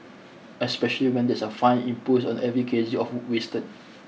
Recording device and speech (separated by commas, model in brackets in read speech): mobile phone (iPhone 6), read sentence